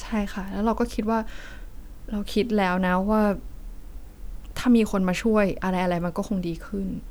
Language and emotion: Thai, sad